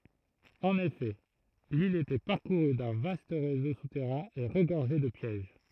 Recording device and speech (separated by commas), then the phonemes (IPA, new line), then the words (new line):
throat microphone, read sentence
ɑ̃n efɛ lil etɛ paʁkuʁy dœ̃ vast ʁezo sutɛʁɛ̃ e ʁəɡɔʁʒɛ də pjɛʒ
En effet, l'île était parcourue d'un vaste réseau souterrain et regorgeait de pièges.